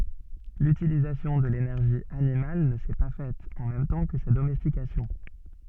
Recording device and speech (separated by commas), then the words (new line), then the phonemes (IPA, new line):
soft in-ear microphone, read sentence
L'utilisation de l'énergie animale ne s'est pas faite en même temps que sa domestication.
lytilizasjɔ̃ də lenɛʁʒi animal nə sɛ pa fɛt ɑ̃ mɛm tɑ̃ kə sa domɛstikasjɔ̃